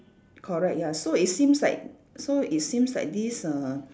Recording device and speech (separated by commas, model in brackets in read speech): standing microphone, conversation in separate rooms